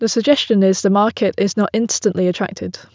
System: none